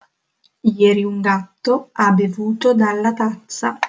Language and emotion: Italian, neutral